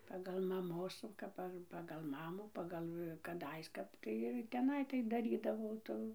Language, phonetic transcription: Lithuanian, ˈpagal maˈmos jau ˈkap ar pagal ˈmamų ˈpagal kaˈdais ˈkap tai ir teˈnai taip daˈrydavau ˈtų

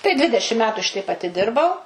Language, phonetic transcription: Lithuanian, tai ˈdvidešim ˈmetu ˈšiteip atiˈdirbau

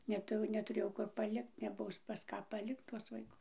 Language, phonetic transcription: Lithuanian, neˈtu netuˈrėjau ˈkur paˈlikt neˈbus pas ˈką paˈlikt tuos vaiˈkus

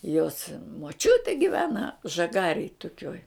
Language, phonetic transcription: Lithuanian, jos moˈčiutė giˈvena žaˈgarėj tuˈkioj

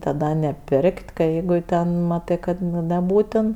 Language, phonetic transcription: Lithuanian, taˈda neˈpir'k't' ka ˈjeigu ten ˈmatɜ kad ˈnu neˈbūtin

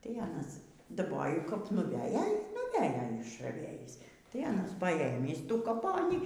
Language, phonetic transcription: Lithuanian, tai ˈanas daˈboju kap nuˈvejo ˈy nuˈvejo išraˈvėjįs tai ˈanas paˈėmįs ˈtų kaˈponį

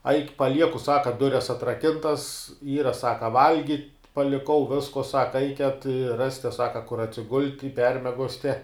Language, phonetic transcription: Lithuanian, aik' paˈlieku ˈsaka ˈdures atraˈkintas ˈyra ˈsaka ˈvalgit' paliˈkau ˈvisko ˈsaka ˈaiket i ˈras'te ˈsaka kur atsiˈgult' i ˈpermiegos'te

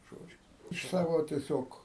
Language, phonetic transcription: Lithuanian, ˈžodžiu iš ˈsavo tieˈsiog

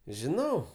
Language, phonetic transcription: Lithuanian, žiˈnau

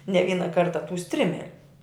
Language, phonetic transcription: Lithuanian, ne ˈvyna ˈkarta tu ˈstrimeliu

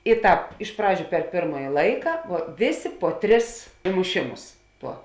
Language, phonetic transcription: Lithuanian, i ˈtāp iš ˈpradžiu per ˈpėrmaji ˈlaika vuo ˈvėˌsė po ˈtris imuˈšimus ˈtuo

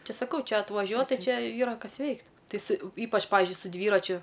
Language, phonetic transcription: Lithuanian, ˈči saˈkau ˈčia atvaˈžiuot ˈtai ˈčia ˈyra ˈkas ˈveikt ˈtai su ˈypač ˈpavizdžiui su ˈdvyračiu

